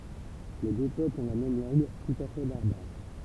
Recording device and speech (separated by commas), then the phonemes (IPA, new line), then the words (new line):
temple vibration pickup, read sentence
le dø pøplz ɔ̃ la mɛm lɑ̃ɡ tut a fɛ baʁbaʁ
Les deux peuples ont la même langue, tout à fait barbare.